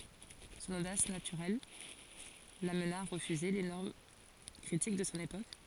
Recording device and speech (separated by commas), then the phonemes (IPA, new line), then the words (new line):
forehead accelerometer, read sentence
sɔ̃n odas natyʁɛl lamna a ʁəfyze le nɔʁm kʁitik də sɔ̃ epok
Son audace naturelle l'amena à refuser les normes critiques de son époque.